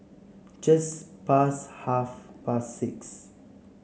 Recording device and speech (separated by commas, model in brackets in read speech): mobile phone (Samsung C7), read sentence